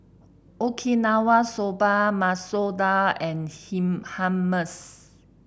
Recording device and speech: boundary microphone (BM630), read sentence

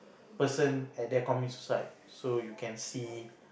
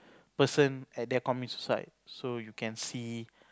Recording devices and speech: boundary microphone, close-talking microphone, conversation in the same room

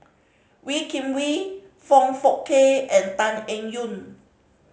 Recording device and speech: mobile phone (Samsung C5010), read sentence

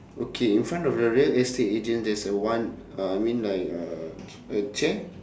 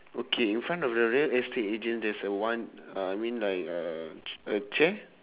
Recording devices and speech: standing microphone, telephone, conversation in separate rooms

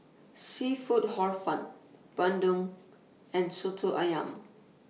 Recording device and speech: mobile phone (iPhone 6), read sentence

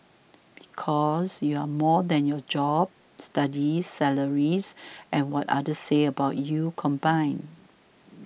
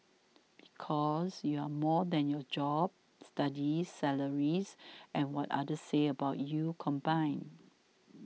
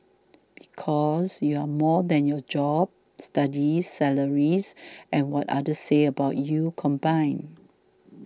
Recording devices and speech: boundary microphone (BM630), mobile phone (iPhone 6), standing microphone (AKG C214), read sentence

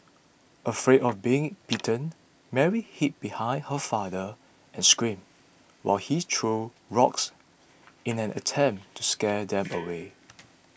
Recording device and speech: boundary microphone (BM630), read sentence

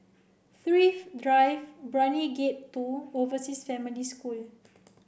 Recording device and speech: boundary microphone (BM630), read sentence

